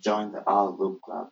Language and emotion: English, sad